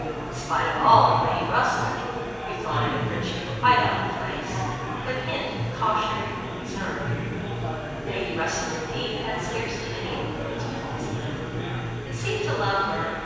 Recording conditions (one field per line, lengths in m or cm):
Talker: one person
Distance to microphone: 7.1 m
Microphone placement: far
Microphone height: 1.7 m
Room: very reverberant, large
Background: babble